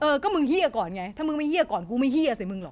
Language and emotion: Thai, angry